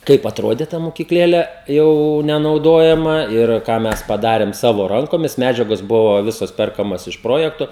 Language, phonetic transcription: Lithuanian, ˈkaip atˈrodė ta mokykˈlėle ˈjau nenauˈdojama ir ˈką ˈmes paˈdarem ˈsavo ˈrankomis ˈmedžiagos ˈbuvo ˈvisos ˈperkamas iš ˈprojekto

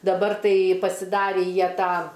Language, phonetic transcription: Lithuanian, daˈbar ˈtai pasiˈdarį ˈjie ˈtą

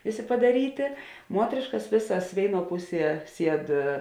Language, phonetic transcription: Lithuanian, ˈvėˌsė padaˈrytė ˈmuotrėškas ˈvėsas ˈvėiˌnuo ˈpuˌsie ˈsied

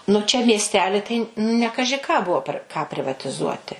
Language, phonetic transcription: Lithuanian, nu ˈčia miesˈteli tai ne ˈkaži ką ˈbuvo per ką privatiˈzuoti

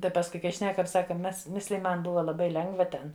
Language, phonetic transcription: Lithuanian, ˈtai pasˈkui kai ˈšnekam ˈsaka ˈmes ˈmisliji ˈman ˈbuva laˈbai ˈlengva ˈten

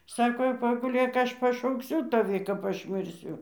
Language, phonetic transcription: Lithuanian, ˈsako jau paguˈlėk ˈaš pašaukˈsiu taˈvi kap ˈaš mirˈsiu

